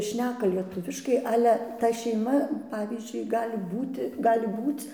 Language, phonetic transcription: Lithuanian, ˈšneka lieˈtuviškai ˈale ta šeiˈma ˈpavyzdžiui ˈgali ˈbūti ˈgali ˈbūc

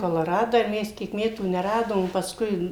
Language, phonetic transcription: Lithuanian, koloˈradą ir ˈmes ˈkiek ˈmetų neˈradom paˈskui

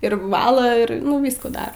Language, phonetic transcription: Lithuanian, ir vaˈla ir nu ˈvyskų ˈdar

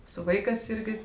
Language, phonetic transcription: Lithuanian, su ˈvaikɜs ˈirgi

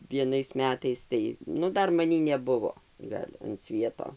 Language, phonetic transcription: Lithuanian, vieˈnais ˈmetais ˈtai ˈnu ˈdar maˈnį neˈbuvo ˈgal' an ˈsvieto

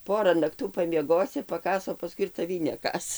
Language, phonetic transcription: Lithuanian, ˈpora nakˈtų pamieˈgosi paˈkąs o paˈskui ir taˈvį neˈkąs

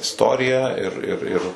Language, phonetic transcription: Lithuanian, isˈtorija ir ir ir

